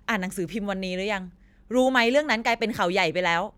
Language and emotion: Thai, angry